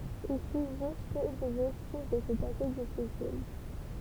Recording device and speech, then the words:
temple vibration pickup, read sentence
Il subsiste peu de vestiges de ce passé difficile.

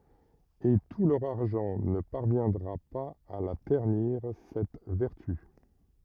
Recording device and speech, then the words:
rigid in-ear microphone, read sentence
Et tout leur argent ne parviendra pas à la ternir cette vertu.

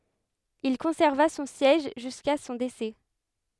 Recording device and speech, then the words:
headset microphone, read sentence
Il conserva son siège jusqu’à son décès.

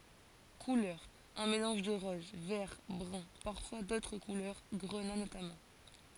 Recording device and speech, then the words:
forehead accelerometer, read sentence
Couleurs: un mélange de rose, vert, brun, parfois d'autres couleurs, grenat notamment.

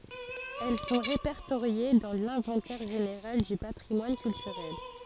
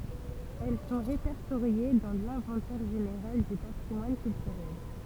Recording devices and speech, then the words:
forehead accelerometer, temple vibration pickup, read sentence
Elles sont répertoriées dans l'inventaire général du patrimoine culturel.

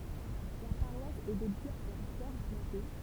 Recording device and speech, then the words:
temple vibration pickup, read sentence
La paroisse est dédiée à la Vierge Marie.

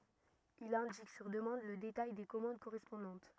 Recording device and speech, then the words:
rigid in-ear microphone, read sentence
Il indique, sur demande, le détail des commandes correspondantes.

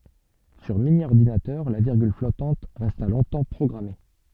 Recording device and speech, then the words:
soft in-ear microphone, read sentence
Sur mini-ordinateur, la virgule flottante resta longtemps programmée.

